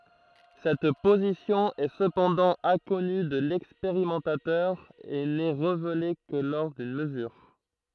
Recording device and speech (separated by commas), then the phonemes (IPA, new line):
throat microphone, read sentence
sɛt pozisjɔ̃ ɛ səpɑ̃dɑ̃ ɛ̃kɔny də lɛkspeʁimɑ̃tatœʁ e nɛ ʁevele kə lɔʁ dyn məzyʁ